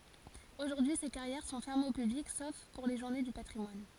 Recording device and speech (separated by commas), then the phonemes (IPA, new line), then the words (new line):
forehead accelerometer, read sentence
oʒuʁdyi se kaʁjɛʁ sɔ̃ fɛʁmez o pyblik sof puʁ le ʒuʁne dy patʁimwan
Aujourd'hui, ces carrières sont fermées au public sauf pour les journées du patrimoine.